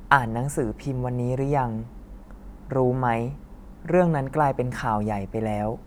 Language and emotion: Thai, neutral